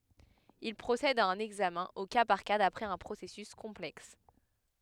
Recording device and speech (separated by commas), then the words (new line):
headset microphone, read sentence
Il procède à un examen au cas par cas d’après un processus complexe.